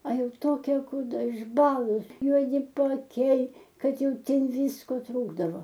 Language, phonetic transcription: Lithuanian, a ˈjau ˈtokia kūˈda išˈbalus juoˈdi paaˈkiai ˈkad ˈjau ˈten ˈvysko ˈtrūkdavo

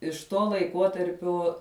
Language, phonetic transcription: Lithuanian, iš ˈtuo laiˈkuotarpiuo

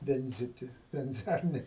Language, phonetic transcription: Lithuanian, ˈvenziti venˈziarnė

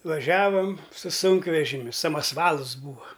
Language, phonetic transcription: Lithuanian, vaˈžiavam su ˈsunkvežimiu samasˈvals ˈbūva

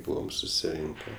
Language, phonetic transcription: Lithuanian, ˈbūvam susiˈrinke

